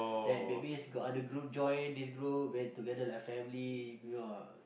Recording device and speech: boundary microphone, conversation in the same room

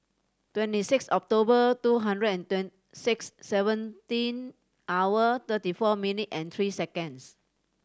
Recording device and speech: standing microphone (AKG C214), read sentence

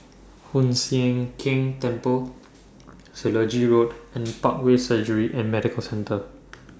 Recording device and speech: standing microphone (AKG C214), read sentence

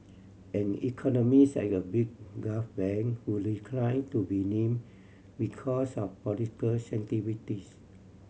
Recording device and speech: mobile phone (Samsung C7100), read sentence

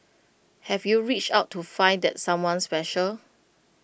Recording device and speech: boundary microphone (BM630), read sentence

